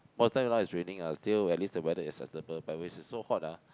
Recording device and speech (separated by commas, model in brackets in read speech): close-talking microphone, conversation in the same room